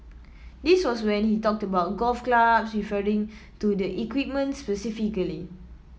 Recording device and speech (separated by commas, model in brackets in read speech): mobile phone (iPhone 7), read sentence